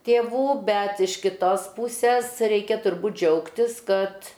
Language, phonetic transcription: Lithuanian, tėˈvų ˈbet iš kiˈtos ˈpūses ˈreikia turˈbūt ˈdžiaugtis ˈkad

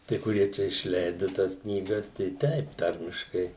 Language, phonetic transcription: Lithuanian, ˈtai kuˈrie čia išˈleidu ˈtąs knyˈgas tai ˈteip ˈtarmiškai

